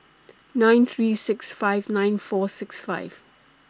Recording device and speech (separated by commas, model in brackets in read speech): standing microphone (AKG C214), read sentence